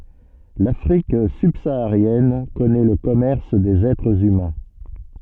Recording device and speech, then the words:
soft in-ear microphone, read sentence
L'Afrique subsaharienne connaît le commerce des êtres humains.

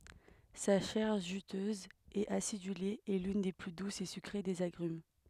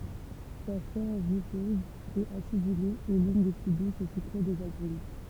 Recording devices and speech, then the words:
headset microphone, temple vibration pickup, read sentence
Sa chair juteuse et acidulée est l'une des plus douces et sucrées des agrumes.

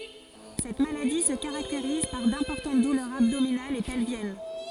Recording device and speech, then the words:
forehead accelerometer, read sentence
Cette maladie se caractérise par d'importantes douleurs abdominales et pelviennes.

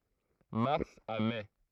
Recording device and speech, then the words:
throat microphone, read sentence
Mars à mai.

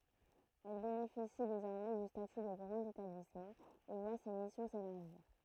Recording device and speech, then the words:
throat microphone, read sentence
Elle bénéficie désormais du statut de grand établissement et voit ses missions s'élargir.

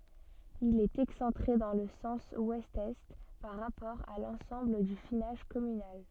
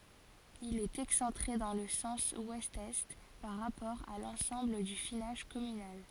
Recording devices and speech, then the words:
soft in-ear microphone, forehead accelerometer, read sentence
Il est excentré dans le sens ouest-est par rapport à l'ensemble du finage communal.

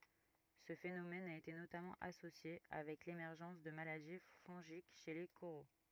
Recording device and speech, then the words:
rigid in-ear microphone, read sentence
Ce phénomène a été notamment associé avec l'émergence de maladies fongiques chez les coraux.

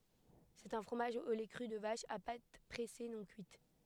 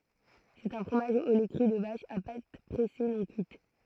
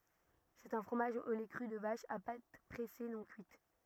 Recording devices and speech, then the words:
headset microphone, throat microphone, rigid in-ear microphone, read sentence
C'est un fromage au lait cru de vache, à pâte pressée non cuite.

